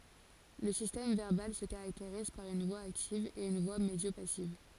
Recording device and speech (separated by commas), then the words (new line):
forehead accelerometer, read sentence
Le système verbal se caractérise par une voix active et une voix médio-passive.